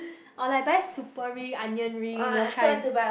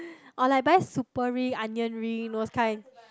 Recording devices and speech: boundary microphone, close-talking microphone, conversation in the same room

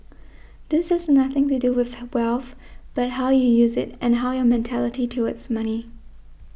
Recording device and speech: boundary microphone (BM630), read sentence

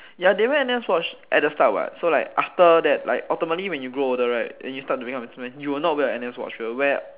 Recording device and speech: telephone, conversation in separate rooms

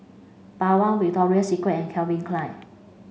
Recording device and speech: mobile phone (Samsung C5), read sentence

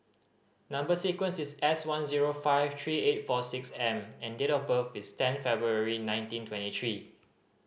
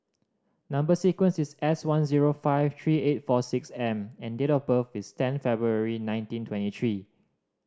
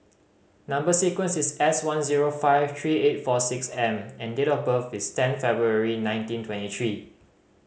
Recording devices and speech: boundary microphone (BM630), standing microphone (AKG C214), mobile phone (Samsung C5010), read sentence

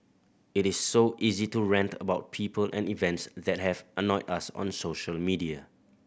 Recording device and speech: boundary microphone (BM630), read sentence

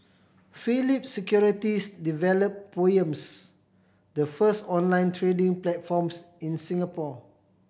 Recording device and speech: boundary microphone (BM630), read sentence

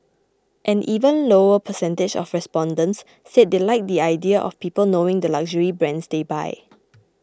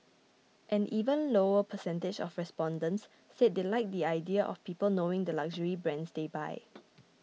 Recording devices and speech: close-talking microphone (WH20), mobile phone (iPhone 6), read sentence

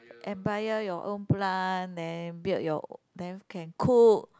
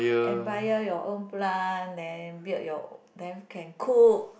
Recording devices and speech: close-talking microphone, boundary microphone, conversation in the same room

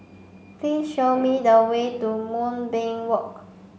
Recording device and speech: mobile phone (Samsung C5), read sentence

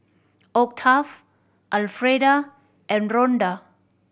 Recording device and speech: boundary microphone (BM630), read sentence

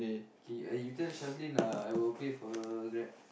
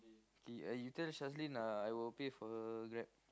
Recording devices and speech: boundary microphone, close-talking microphone, conversation in the same room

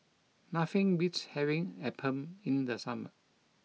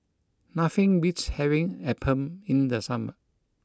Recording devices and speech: mobile phone (iPhone 6), close-talking microphone (WH20), read sentence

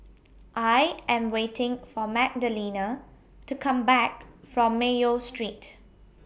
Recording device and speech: boundary microphone (BM630), read sentence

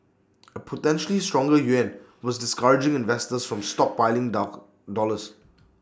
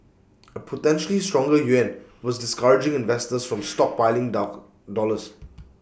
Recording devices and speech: standing microphone (AKG C214), boundary microphone (BM630), read sentence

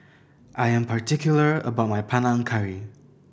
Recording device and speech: boundary microphone (BM630), read sentence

